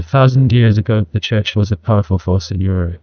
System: TTS, neural waveform model